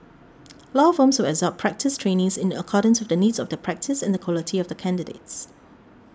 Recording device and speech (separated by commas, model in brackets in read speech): standing microphone (AKG C214), read sentence